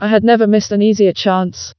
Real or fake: fake